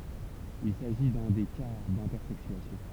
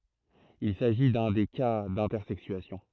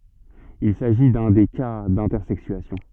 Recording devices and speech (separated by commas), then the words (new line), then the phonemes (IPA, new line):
temple vibration pickup, throat microphone, soft in-ear microphone, read sentence
Il s'agit d'un des cas d'intersexuation.
il saʒi dœ̃ de ka dɛ̃tɛʁsɛksyasjɔ̃